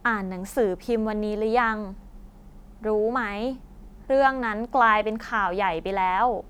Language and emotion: Thai, neutral